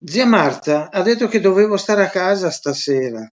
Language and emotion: Italian, sad